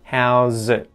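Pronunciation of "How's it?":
In 'How's it?', there is no hard t sound at the end of 'it'; the t is not released.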